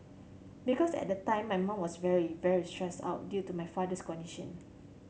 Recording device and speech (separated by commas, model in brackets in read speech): mobile phone (Samsung C7100), read sentence